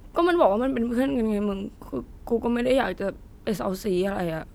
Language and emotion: Thai, sad